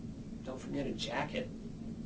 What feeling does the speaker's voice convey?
neutral